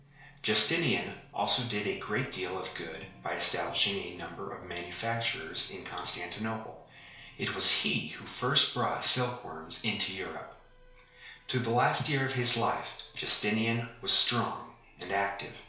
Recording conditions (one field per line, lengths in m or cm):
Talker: one person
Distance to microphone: 1.0 m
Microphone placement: close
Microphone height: 1.1 m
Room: small (3.7 m by 2.7 m)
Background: television